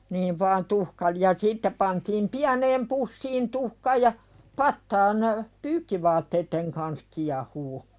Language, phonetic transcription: Finnish, niiv vaan tuhkalⁱ- ja sitte pantiim 'piäneem pussiin "tuhka ja , 'pattaan , "pyykkivaatteitteŋ kans kiahuu .
- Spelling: niin vain - ja sitten pantiin pieneen pussiin tuhka ja pataan pyykkivaatteiden kanssa kiehumaan

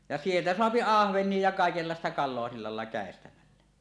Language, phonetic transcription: Finnish, ja "sieltä 'soapi "ahveǹie ja 'kàekellàesta kal̆loa silla làella 'kä̀estämällä .
- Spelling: ja sieltä saa ahvenia ja kaikenlaista kalaa sillä laella käestämällä

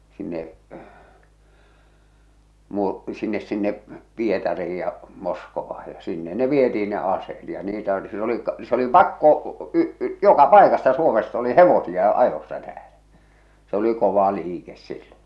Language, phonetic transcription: Finnish, 'sinne , 'Muur- , 'sinnes 'sinne , 'Pietari₍ij ja 'Moskova₍aj ja sinne ne "vieti₍in ne 'aseet ja niitä oli sil ‿oli , se oli "pakko , y- , "joka "pàekasta "Suomest ‿oli "hevosi₍a "ajossa täälä , se oli 'kova 'liikes silloo̰ .
- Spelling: sinne - sinne sinne Pietariin ja Moskovaan ja sinne ne vietiin ne aseet ja niitä oli sillä oli se oli pakko - joka paikasta Suomesta oli hevosia ajossa täällä se oli kova liike silloin

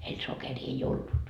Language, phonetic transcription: Finnish, heil 'sokerii ei 'ollut .
- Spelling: heillä sokeria ei ollut

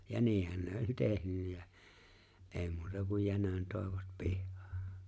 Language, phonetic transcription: Finnish, ja 'niihän ne oĺ "tehnynnä jä , '’e̬e̬ⁱ muuta kun 'jänön tòevat 'pihhᴀᴀ .
- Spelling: ja niinhän ne oli tehnyt ja ei muuta kuin jänön toivat pihaan

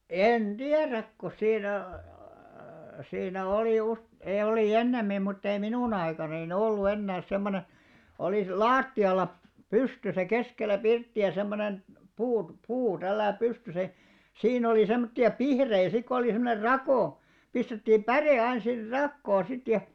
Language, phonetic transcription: Finnish, 'en "ᴅiäräk ko 'siinä a+- a+- , sinää 'olì us- , e- olì "ennemmim muttei 'minùn ‿aikananin "ollu 'ennääs semmone , olis- "laatti₍alla , "pystysä 'keskellä 'pirtti₍ä semmonen , 'puut , 'puu tälläi "pystysä ja , 'siin ‿oli 'semmotti₍a "pihrei sik ko olì 'semmoner "rakò , 'pistettiim "ʙärè ain̬§ sir "rakkoo sit ja ,.
- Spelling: en tiedä kun siinä - - siinä oli - - oli ennemmin mutta ei minun aikanani ollut enää semmoinen - lattialla pystyssä keskellä pirttiä semmoinen puut puu tällä lailla pystyssä ja siinä oli semmoisia pihtejä sitten kun oli semmoinen rako pistettiin päre aina sitten rakoon sitten ja

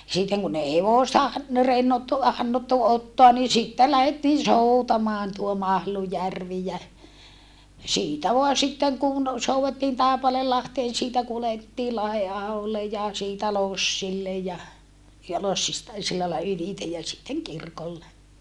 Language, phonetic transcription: Finnish, sitteŋ kun ei hevòsta an- , no rennottu hannottu ottoa ni sittel lähettiin̬ soutamaan tuo Mahlujärvi jä , siitä voa sitteŋ kun , souvettiin Tàepaleellahteen siitä kulettii Lahe₍aholle ja , siitä lossille ja , ja lossista , sillailla ylitej ja sitteŋ kirkolle .
- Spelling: sitten kun ei hevosta - no rennottu hannottu ottaa niin sitten lähdettiin soutamaan tuo Mahlujärvi ja siitä vain sitten kun soudettiin Taipaleenlahteen siitä kuljettiin Lahdenaholle ja siitä lossille ja ja lossista sillä lailla ylitse ja sitten kirkolle

